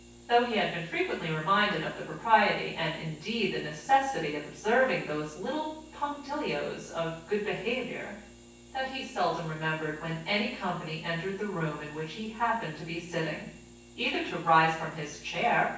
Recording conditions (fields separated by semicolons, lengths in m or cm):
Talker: one person; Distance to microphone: 9.8 m; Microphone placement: far; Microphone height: 1.8 m; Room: large; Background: none